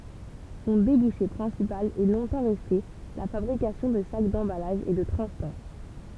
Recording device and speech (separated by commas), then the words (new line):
temple vibration pickup, read sentence
Son débouché principal est longtemps resté la fabrication de sacs d'emballage et de transport.